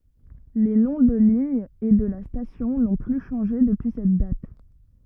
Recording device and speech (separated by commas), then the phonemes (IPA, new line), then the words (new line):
rigid in-ear microphone, read sentence
le nɔ̃ də liɲ e də la stasjɔ̃ nɔ̃ ply ʃɑ̃ʒe dəpyi sɛt dat
Les noms de ligne et de la station n'ont plus changé depuis cette date.